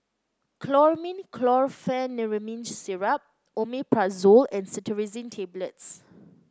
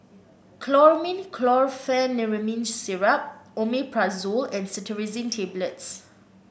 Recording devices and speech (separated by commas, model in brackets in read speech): close-talking microphone (WH30), boundary microphone (BM630), read sentence